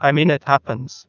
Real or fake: fake